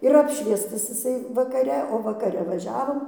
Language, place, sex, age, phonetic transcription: Lithuanian, Dzūkija, female, 60+, ir ˈapšviestas iˈsai vakaˈre o vakaˈre vaˈžiavom

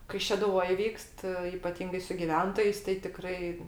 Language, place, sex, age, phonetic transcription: Lithuanian, Aukštaitija, female, 60+, kai šeduˈvoj ˈvykst ipaˈtyngai su giˈventojais tai tiˈkrai

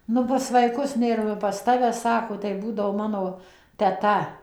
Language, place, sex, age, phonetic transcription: Lithuanian, Suvalkija, female, 60+, ˈnu pas vaiˈkus ˈnėr ˈnu pas ˈtave ˈsako tai ˈbūdavo ˈmano teˈta

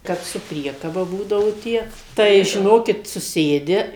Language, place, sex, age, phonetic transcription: Lithuanian, Suvalkija, female, 60+, ˈkap su ˈpriekaba ˈbūdavau ˈtie tai žiˈnokit suˈsėdi

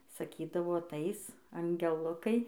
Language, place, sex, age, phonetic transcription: Lithuanian, Dzūkija, female, 18-60, saˈkydavo aˈtais angeˈlukai

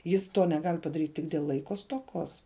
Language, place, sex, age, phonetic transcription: Lithuanian, Žemaitija, female, 18-60, ˈjis ˈto neˈgal' padaˈryt' ˈtik dėl ˈlaiko stoˈkos

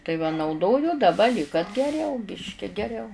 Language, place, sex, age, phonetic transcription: Lithuanian, Žemaitija, female, 60+, tai va nauˈdoju daˈba lyg kad geˈriau ˈbiški geˈriau

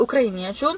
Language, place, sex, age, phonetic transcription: Lithuanian, Suvalkija, female, 18-60, ukraiˈniečių

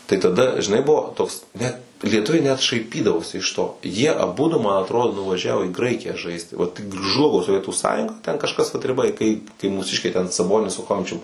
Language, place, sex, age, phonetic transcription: Lithuanian, Suvalkija, male, 18-60, tai taˈda žiˈnai ˈbuvo toks ˈnet lieˈtuviai net šaiˈpydavosi iš ˈto jie aˈbudu man aˈtrodo nuvaˈžiavo į ˈgraikiją ˈžaisti ˈvat ˈžlugo soˈvietų ˈsąjunga ten kažˈkas vat riˈba i kai kai mūˈsiškiai ten saˈbonis su ˈchomičium

